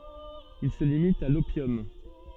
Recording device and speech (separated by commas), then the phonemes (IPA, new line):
soft in-ear microphone, read sentence
il sə limit a lopjɔm